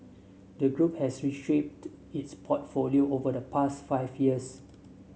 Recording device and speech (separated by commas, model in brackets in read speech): mobile phone (Samsung S8), read sentence